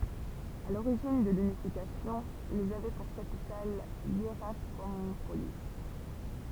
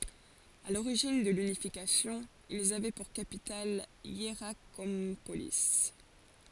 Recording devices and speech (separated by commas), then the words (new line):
temple vibration pickup, forehead accelerometer, read sentence
À l'origine de l'unification, ils avaient pour capitale Hiérakonpolis.